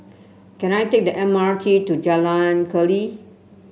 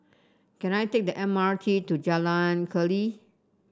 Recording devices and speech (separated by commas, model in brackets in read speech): mobile phone (Samsung C7), standing microphone (AKG C214), read sentence